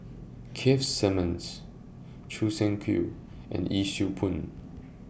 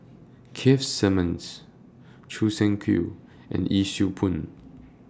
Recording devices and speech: boundary microphone (BM630), standing microphone (AKG C214), read sentence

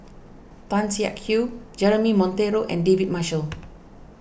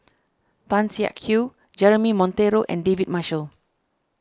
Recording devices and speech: boundary microphone (BM630), standing microphone (AKG C214), read sentence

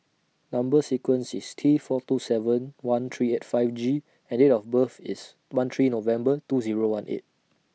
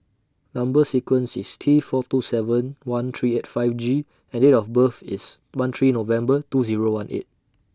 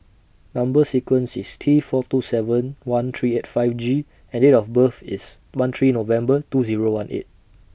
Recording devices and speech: mobile phone (iPhone 6), standing microphone (AKG C214), boundary microphone (BM630), read sentence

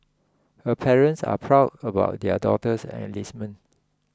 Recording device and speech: close-talking microphone (WH20), read sentence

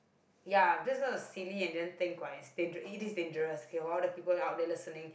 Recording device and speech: boundary microphone, conversation in the same room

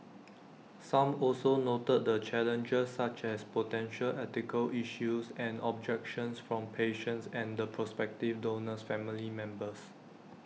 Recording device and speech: mobile phone (iPhone 6), read sentence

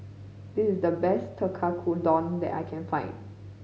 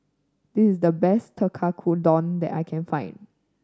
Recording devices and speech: mobile phone (Samsung C5010), standing microphone (AKG C214), read sentence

